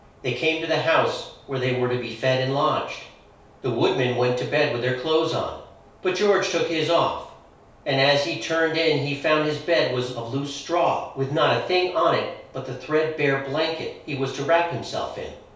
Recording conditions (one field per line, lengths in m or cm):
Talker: one person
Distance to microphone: 3.0 m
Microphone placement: far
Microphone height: 1.8 m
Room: small (3.7 m by 2.7 m)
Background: none